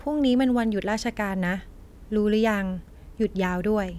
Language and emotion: Thai, neutral